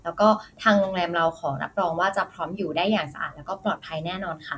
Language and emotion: Thai, neutral